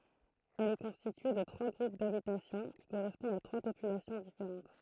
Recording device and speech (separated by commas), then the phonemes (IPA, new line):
throat microphone, read sentence
ɛl ɛ kɔ̃stitye də tʁwa ɡʁup dabitasjɔ̃ ki koʁɛspɔ̃dt a tʁwa popylasjɔ̃ difeʁɑ̃t